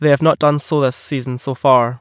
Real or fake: real